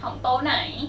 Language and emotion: Thai, neutral